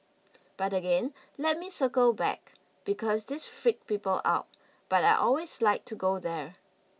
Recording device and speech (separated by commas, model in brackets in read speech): mobile phone (iPhone 6), read sentence